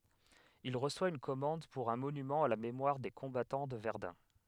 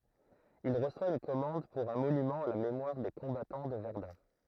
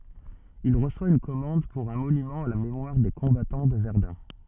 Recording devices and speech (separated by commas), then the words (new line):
headset microphone, throat microphone, soft in-ear microphone, read sentence
Il reçoit une commande pour un monument à la mémoire des combattants de Verdun.